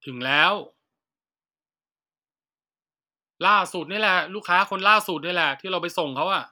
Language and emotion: Thai, frustrated